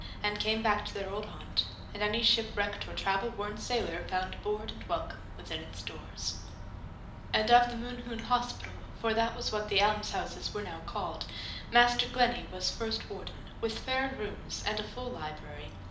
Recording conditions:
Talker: one person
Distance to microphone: 2.0 m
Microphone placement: close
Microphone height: 99 cm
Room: medium-sized (5.7 m by 4.0 m)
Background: none

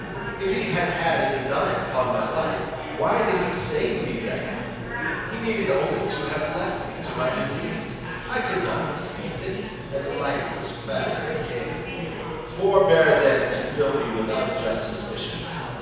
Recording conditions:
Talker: one person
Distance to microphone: 7.1 m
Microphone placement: far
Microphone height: 1.7 m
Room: very reverberant, large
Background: babble

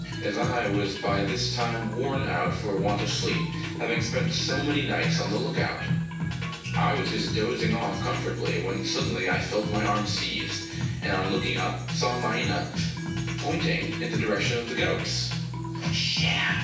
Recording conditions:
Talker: one person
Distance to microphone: 9.8 m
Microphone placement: far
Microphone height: 1.8 m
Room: large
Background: music

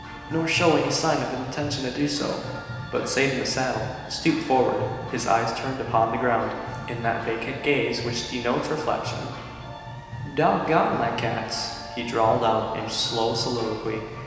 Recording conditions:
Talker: one person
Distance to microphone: 1.7 m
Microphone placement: close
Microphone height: 1.0 m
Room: very reverberant, large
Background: music

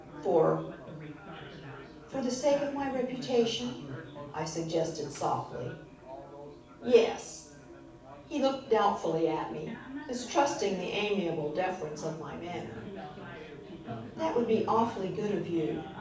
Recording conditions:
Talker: one person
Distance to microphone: 5.8 m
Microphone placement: far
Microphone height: 1.8 m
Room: medium-sized (5.7 m by 4.0 m)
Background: babble

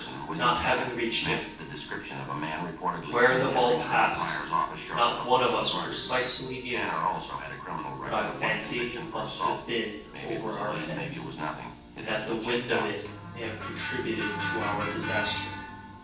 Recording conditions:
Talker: one person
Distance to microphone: 9.8 m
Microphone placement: far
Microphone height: 1.8 m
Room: large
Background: television

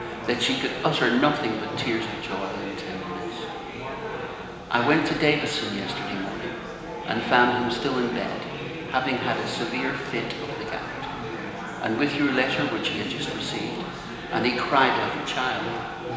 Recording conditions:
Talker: one person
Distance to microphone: 1.7 m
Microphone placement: close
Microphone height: 1.0 m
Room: very reverberant, large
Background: babble

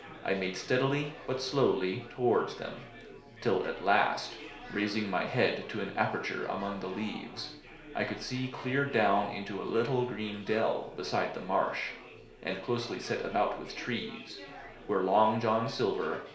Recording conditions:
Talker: one person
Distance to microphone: 1.0 m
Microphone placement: close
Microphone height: 1.1 m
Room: small (3.7 m by 2.7 m)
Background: babble

